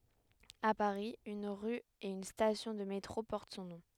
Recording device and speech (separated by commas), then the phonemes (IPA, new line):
headset microphone, read sentence
a paʁi yn ʁy e yn stasjɔ̃ də metʁo pɔʁt sɔ̃ nɔ̃